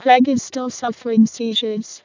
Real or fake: fake